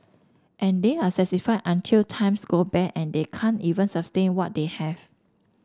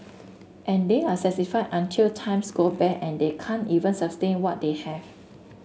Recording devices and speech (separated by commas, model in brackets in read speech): standing microphone (AKG C214), mobile phone (Samsung S8), read sentence